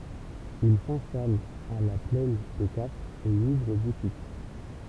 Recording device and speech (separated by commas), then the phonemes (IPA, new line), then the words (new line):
temple vibration pickup, read sentence
il sɛ̃stalt a la plɛn de kafʁz e i uvʁ butik
Ils s'installent à La Plaine des Cafres et y ouvrent boutique.